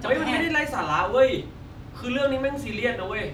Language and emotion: Thai, frustrated